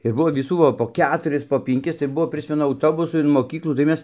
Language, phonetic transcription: Lithuanian, ir ˈbuvo viˈsų va po ˈketuris po pinˈkis tai ˈbuvo priˈsmenu auˈtobusu in moˈkyklų tai ˈmes

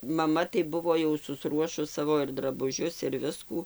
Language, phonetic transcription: Lithuanian, ˈmaˈma tai ˈbuvo jau susˈruošus ˈsavo ir drabuˈžius ir ˈviskų

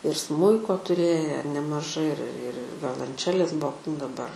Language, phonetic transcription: Lithuanian, ir ˈsmuiko tuˈrėję nemaˈžai ir ir ir ir violanˈčelės ˈbuo daˈbar

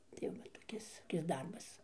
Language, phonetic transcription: Lithuanian, tai ˈva toˈkis toˈkis ˈdarbas

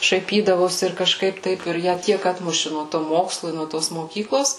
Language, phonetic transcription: Lithuanian, šaiˈpydavosi ir kaˈžkaip ˈtaip ir ˈją ˈtiek ˈatmuši nuo to ˈmokslu i nuo ˈtos moˈkyklos

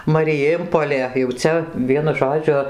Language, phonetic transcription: Lithuanian, mariˈjėmpolė jau ˈcia ˈvienu ˈžodžiu

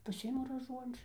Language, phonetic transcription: Lithuanian, paˈsiimu raˈžuončiu

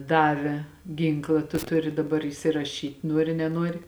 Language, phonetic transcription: Lithuanian, ˈdave ˈgynkla tu ˈturi daˈbar įsiraˈšyt' ˈnuori neˈnuori

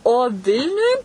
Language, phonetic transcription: Lithuanian, o ˈvilniuj

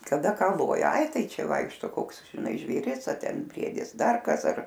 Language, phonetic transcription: Lithuanian, kaˈda ˈką ˈloja ˈai ˈtai ˈčia ˈvaikšto ˈkoks žiˈnai žvėˈris a ˈten ˈbriedis ˈdar ˈkas ar

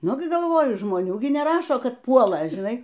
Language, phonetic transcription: Lithuanian, ˈnu gi galˈvoju žmoˈnių ˈgi neˈrašo ˈkad ˈpuola žiˈnai

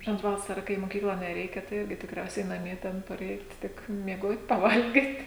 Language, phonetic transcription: Lithuanian, ˈžinot ˈvasara kai i moˈkykla neˈreikia tai ˈirgi tikˈriausiai naˈmie ˈten paˈreit ˈtik mieˈgot' paˈvalgit'

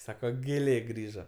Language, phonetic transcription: Lithuanian, ˈsako gėˈlė ˈgrįža

